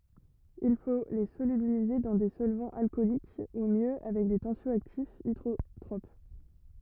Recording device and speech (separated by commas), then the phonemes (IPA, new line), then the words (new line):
rigid in-ear microphone, read sentence
il fo le solybilize dɑ̃ de sɔlvɑ̃z alkɔlik u mjø avɛk de tɑ̃sjɔaktifz idʁotʁop
Il faut les solubiliser dans des solvants alcooliques ou mieux avec des tensio-actifs hydrotropes.